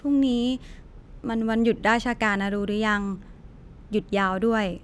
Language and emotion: Thai, neutral